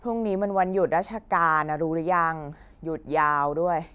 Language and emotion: Thai, frustrated